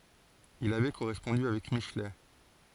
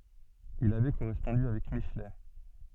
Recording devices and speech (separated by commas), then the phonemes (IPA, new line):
forehead accelerometer, soft in-ear microphone, read sentence
il avɛ koʁɛspɔ̃dy avɛk miʃlɛ